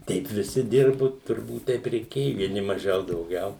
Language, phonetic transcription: Lithuanian, ˈteip viˈsi ˈdirbu turˈbūt ˈteip reiˈkėju vieˈni maˈžiau dauˈgiau

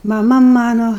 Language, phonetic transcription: Lithuanian, maˈma ˈmano

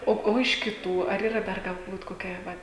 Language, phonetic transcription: Lithuanian, ˈo ˈo iš kiˈtų ar yˈra ˈdar galˈbūt koˈkia vat

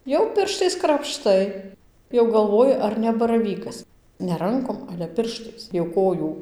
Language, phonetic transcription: Lithuanian, jau ˈpirštais krapˈštai jau galˈvoji ˈar ne baraˈvykas ne ˈrankom ˈale ˈpirštais jau ˈkojų

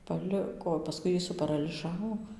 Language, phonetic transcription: Lithuanian, paˈliko paˈskui ˈjį suparaliˈžavo

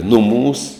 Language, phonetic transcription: Lithuanian, ˈnuˌmūs

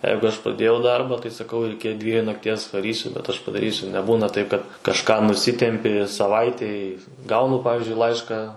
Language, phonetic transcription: Lithuanian, ˈjeigu ˈaš pradˈėjau ˈdarbą tai saˈkau ir ˈiki ˈdviejų nakˈties vaˈrysiu bet aš padaˈrysiu neˈbūna taip kad kažˈką nuˈsitempi saˈvaitei ˈgaunu ˈpavizdžiui ˈlaiška

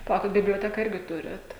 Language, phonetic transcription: Lithuanian, paˈlaukit biblioˈteka ˈirgi ˈturiat

